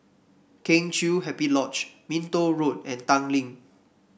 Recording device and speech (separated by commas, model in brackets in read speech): boundary microphone (BM630), read sentence